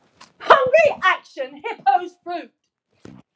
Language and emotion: English, angry